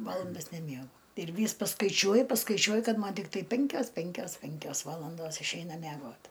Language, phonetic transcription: Lithuanian, ˈvalandas neˈmiegu ir ˈvys paskaiˈčiuoju paskaiˈčiuoju ˈkad ˈman tikˈtai ˈpinkios ˈpinkios ˈpinkios ˈvalandos išˈeina mæˈgot

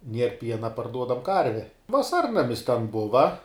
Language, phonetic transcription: Lithuanian, ˈnier ˈpiena parˈduodam ˈkarve vaˈsarnamis ten ˈbuva

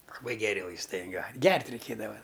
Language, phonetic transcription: Lithuanian, laˈbai geˈri vaisˈtai ˈjo ˈgert' reiˈkėdava

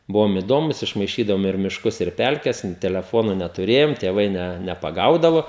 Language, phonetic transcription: Lithuanian, ˈbuvom iˈdomus išmaiˈšydavom ir mišˈkus ir ˈpelkes in teleˈfonu netuˈrėjom tėˈvai ne nepaˈgaudavo

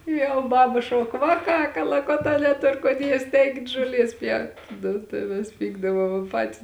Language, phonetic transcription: Lithuanian, jau ˈbaba ˈšauk ˈvaˌkā kalaˈkotā neˈtor kon ˈjiest' ˈeikit ˈžuoˌlies ˈpjaut' ˈnu tai ˈmes ˈpykdavom ˈpatis

